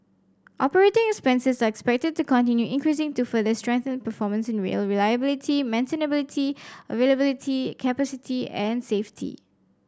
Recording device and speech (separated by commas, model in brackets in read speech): standing microphone (AKG C214), read sentence